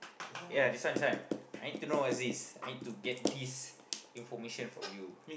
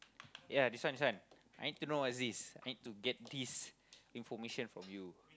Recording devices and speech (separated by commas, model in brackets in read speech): boundary microphone, close-talking microphone, conversation in the same room